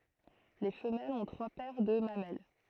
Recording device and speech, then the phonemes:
throat microphone, read sentence
le fəmɛlz ɔ̃ tʁwa pɛʁ də mamɛl

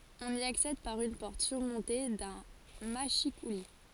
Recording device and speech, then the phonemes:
forehead accelerometer, read sentence
ɔ̃n i aksɛd paʁ yn pɔʁt syʁmɔ̃te dœ̃ maʃikuli

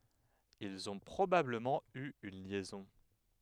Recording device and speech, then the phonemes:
headset microphone, read sentence
ilz ɔ̃ pʁobabləmɑ̃ y yn ljɛzɔ̃

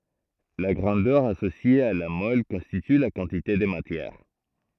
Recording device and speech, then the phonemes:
throat microphone, read sentence
la ɡʁɑ̃dœʁ asosje a la mɔl kɔ̃stity la kɑ̃tite də matjɛʁ

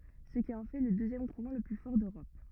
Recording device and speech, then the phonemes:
rigid in-ear microphone, read sentence
sə ki ɑ̃ fɛ lə døzjɛm kuʁɑ̃ lə ply fɔʁ døʁɔp

